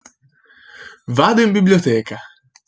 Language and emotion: Italian, happy